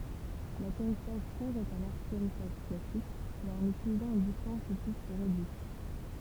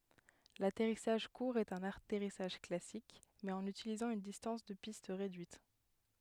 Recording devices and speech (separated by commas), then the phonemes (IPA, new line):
temple vibration pickup, headset microphone, read sentence
latɛʁisaʒ kuʁ ɛt œ̃n atɛʁisaʒ klasik mɛz ɑ̃n ytilizɑ̃ yn distɑ̃s də pist ʁedyit